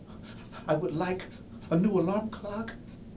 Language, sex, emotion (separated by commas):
English, male, fearful